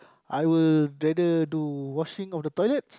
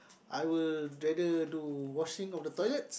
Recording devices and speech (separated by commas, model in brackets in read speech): close-talking microphone, boundary microphone, conversation in the same room